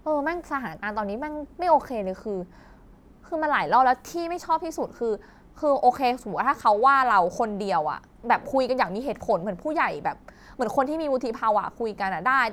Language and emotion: Thai, frustrated